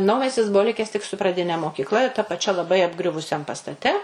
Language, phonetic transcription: Lithuanian, ˈnaumestis ˈbuvo ˈlikes tik su praˈdine mokykˈla ir ta paˈčia laˈbai apˈgriuvusiam pastaˈte

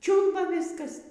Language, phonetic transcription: Lithuanian, ˈčiūlba ˈviskas

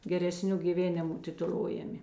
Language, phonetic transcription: Lithuanian, gereˈsniu gyˈvėnimu tituˈlojami

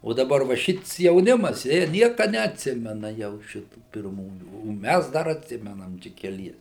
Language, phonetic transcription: Lithuanian, o daˈbar va ˈšits jauˈnimas jie ˈnieka neatˈsimena jau ˈšitų pirˈmųjų o ˈmæs ˈdar atˈsimenam ˈčia keˈlies

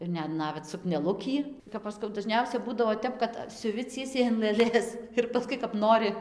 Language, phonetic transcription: Lithuanian, ir ˈnet ˈnavet sukneˈlukį kap ˈaš skau daˈžniausia ˈbūdavo ˈtep kad siuˈvi ˈciesiai an lɘˈlės ir paˈskui kap ˈnori

